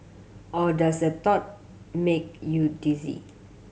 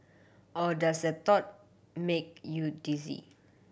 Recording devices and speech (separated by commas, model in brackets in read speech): mobile phone (Samsung C7100), boundary microphone (BM630), read sentence